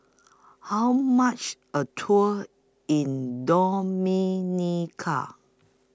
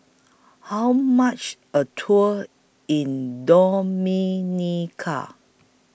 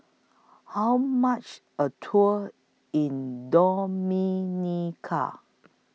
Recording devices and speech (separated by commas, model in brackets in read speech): close-talking microphone (WH20), boundary microphone (BM630), mobile phone (iPhone 6), read sentence